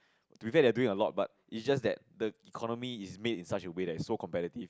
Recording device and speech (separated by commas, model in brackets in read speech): close-talking microphone, conversation in the same room